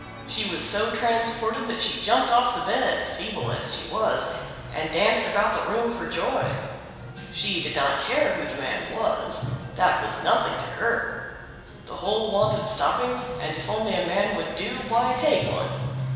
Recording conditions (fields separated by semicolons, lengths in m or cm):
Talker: one person; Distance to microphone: 1.7 m; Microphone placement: close; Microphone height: 1.0 m; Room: very reverberant, large; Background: music